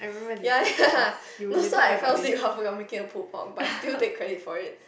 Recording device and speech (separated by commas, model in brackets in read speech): boundary microphone, conversation in the same room